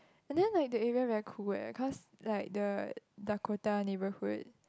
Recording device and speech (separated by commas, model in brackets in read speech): close-talking microphone, conversation in the same room